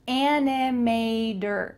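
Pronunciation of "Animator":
In 'animator', the t changes to a d sound, the American English way.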